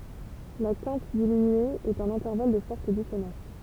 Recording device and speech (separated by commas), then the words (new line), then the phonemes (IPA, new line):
temple vibration pickup, read sentence
La quinte diminuée est un intervalle de forte dissonance.
la kɛ̃t diminye ɛt œ̃n ɛ̃tɛʁval də fɔʁt disonɑ̃s